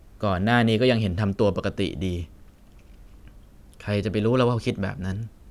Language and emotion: Thai, sad